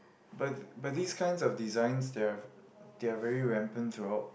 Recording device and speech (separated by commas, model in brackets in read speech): boundary microphone, conversation in the same room